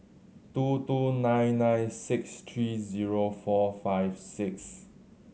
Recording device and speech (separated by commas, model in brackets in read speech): mobile phone (Samsung C7100), read sentence